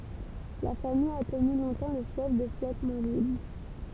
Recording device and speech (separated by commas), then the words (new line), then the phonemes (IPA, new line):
temple vibration pickup, read sentence
La famille a tenu longtemps le fief de Flottemanville.
la famij a təny lɔ̃tɑ̃ lə fjɛf də flɔtmɑ̃vil